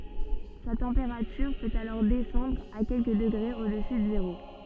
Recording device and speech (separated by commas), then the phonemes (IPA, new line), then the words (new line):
soft in-ear microphone, read sentence
sa tɑ̃peʁatyʁ pøt alɔʁ dɛsɑ̃dʁ a kɛlkə dəɡʁez odəsy də zeʁo
Sa température peut alors descendre à quelques degrés au-dessus de zéro.